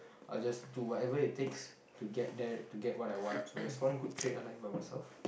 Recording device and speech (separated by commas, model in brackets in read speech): boundary microphone, conversation in the same room